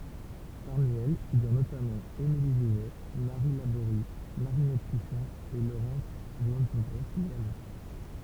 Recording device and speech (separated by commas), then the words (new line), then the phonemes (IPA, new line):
temple vibration pickup, read sentence
Parmi elles figurent notamment: Émilie Jouvet, Marie Labory, Marinette Pichon, et Laurence Vanceunebrock-Mialon.
paʁmi ɛl fiɡyʁ notamɑ̃ emili ʒuvɛ maʁi laboʁi maʁinɛt piʃɔ̃ e loʁɑ̃s vɑ̃sønbʁɔk mjalɔ̃